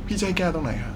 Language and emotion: Thai, neutral